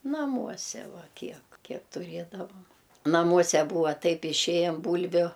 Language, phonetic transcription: Lithuanian, naˈmuose ˈva ˈkiek ˈkiek tuˈrėdavam naˈmuose ˈbūva ˈtaip iˈšėjam ˈbūlviu

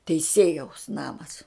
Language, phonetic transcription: Lithuanian, teiˈsėjaus ˈnamas

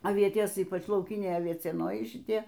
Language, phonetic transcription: Lithuanian, aˈvietės ˈypač lauˈkiniai aviecieˈnojai šiˈtie

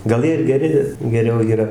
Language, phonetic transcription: Lithuanian, gal ˈjie ir geˈri geˈriau yˈra

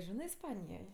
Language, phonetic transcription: Lithuanian, ˈžinɜ isˈpanijoj

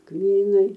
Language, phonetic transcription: Lithuanian, ˈkmynai

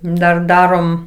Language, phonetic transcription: Lithuanian, dar ˈdarom

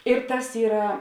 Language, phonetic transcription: Lithuanian, ir ˈtas ˈyra

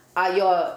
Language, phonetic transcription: Lithuanian, a ˈjo

